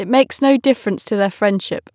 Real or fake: real